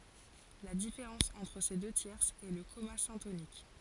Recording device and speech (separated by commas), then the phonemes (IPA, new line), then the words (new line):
forehead accelerometer, read sentence
la difeʁɑ̃s ɑ̃tʁ se dø tjɛʁsz ɛ lə kɔma sɛ̃tonik
La différence entre ces deux tierces est le comma syntonique.